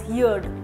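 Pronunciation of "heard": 'Heard' is pronounced incorrectly here.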